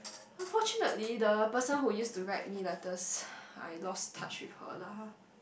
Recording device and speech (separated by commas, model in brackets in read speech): boundary microphone, conversation in the same room